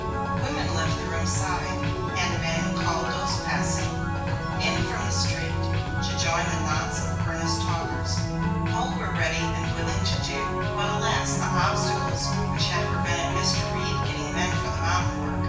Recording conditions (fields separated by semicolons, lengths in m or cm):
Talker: one person; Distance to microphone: 9.8 m; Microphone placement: far; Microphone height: 1.8 m; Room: large; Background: music